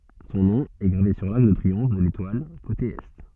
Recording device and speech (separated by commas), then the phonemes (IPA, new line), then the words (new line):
soft in-ear microphone, read sentence
sɔ̃ nɔ̃ ɛ ɡʁave syʁ laʁk də tʁiɔ̃f də letwal kote ɛ
Son nom est gravé sur l'arc de triomphe de l'Étoile, côté Est.